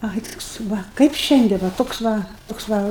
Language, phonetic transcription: Lithuanian, ˈai toks ˈva kaip ˈšiandien ˈva ˈtoks va ˈtoks va

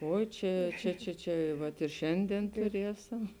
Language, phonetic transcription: Lithuanian, ˈoi ˈčia ˈčia ˈčia ˈčia ˈvat ir ˈšiandien tuˈriesam

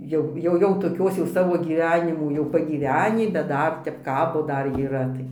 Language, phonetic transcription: Lithuanian, ˈjau ˈjau jau toˈkios jau ˈsavo gyˈvenimų jau pagyˈvenį bet ˈdar ˈtep ˈkabo ˈdar yˈra tai

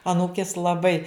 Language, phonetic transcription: Lithuanian, aˈnūkės laˈbai

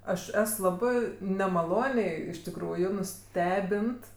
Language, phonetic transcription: Lithuanian, ˈaš ˈes ˈlabɜ nemaˈloniai iš tikˈrųju nuˈstebint

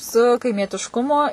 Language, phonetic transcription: Lithuanian, su kaimietišˈkumo

